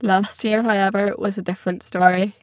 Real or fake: fake